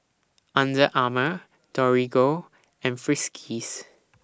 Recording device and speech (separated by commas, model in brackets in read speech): standing microphone (AKG C214), read sentence